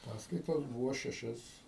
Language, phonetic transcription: Lithuanian, ˈpaskaitos ˈbūvo šeˈšias

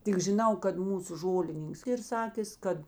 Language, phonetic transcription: Lithuanian, tik žiˈnau kad ˈmūsu ˈžolininks ˈyr ˈsakės ˈkad

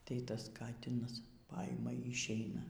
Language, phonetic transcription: Lithuanian, tai ˈtas ˈkatinas ˈpaima y išˈeina

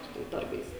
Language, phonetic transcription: Lithuanian, ˈsu tais ˈdarbais

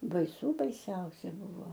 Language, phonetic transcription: Lithuanian, baiˈsų baiˈsiausia ˈbuvo

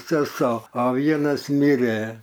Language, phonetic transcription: Lithuanian, seˈso o ˈvienas ˈmirė

